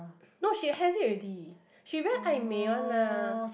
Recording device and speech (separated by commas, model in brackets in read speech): boundary microphone, conversation in the same room